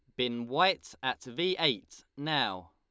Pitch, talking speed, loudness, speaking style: 130 Hz, 145 wpm, -31 LUFS, Lombard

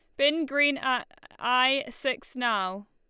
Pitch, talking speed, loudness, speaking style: 265 Hz, 135 wpm, -26 LUFS, Lombard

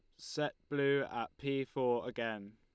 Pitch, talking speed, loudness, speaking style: 130 Hz, 155 wpm, -37 LUFS, Lombard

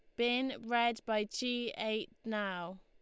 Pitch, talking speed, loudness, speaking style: 225 Hz, 135 wpm, -35 LUFS, Lombard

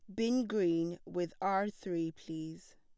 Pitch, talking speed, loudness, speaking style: 180 Hz, 140 wpm, -35 LUFS, plain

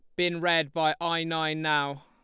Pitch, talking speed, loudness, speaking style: 160 Hz, 195 wpm, -27 LUFS, Lombard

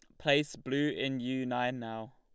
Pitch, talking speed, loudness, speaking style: 130 Hz, 185 wpm, -33 LUFS, Lombard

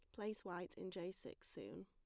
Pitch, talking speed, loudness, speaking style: 180 Hz, 220 wpm, -50 LUFS, plain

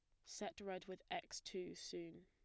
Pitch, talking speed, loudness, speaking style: 185 Hz, 180 wpm, -50 LUFS, plain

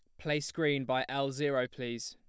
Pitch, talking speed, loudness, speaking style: 135 Hz, 190 wpm, -33 LUFS, plain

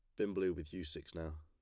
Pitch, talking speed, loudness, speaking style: 85 Hz, 300 wpm, -41 LUFS, plain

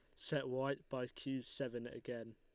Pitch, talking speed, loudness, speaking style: 125 Hz, 165 wpm, -43 LUFS, Lombard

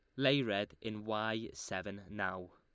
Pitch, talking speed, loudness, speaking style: 105 Hz, 155 wpm, -37 LUFS, Lombard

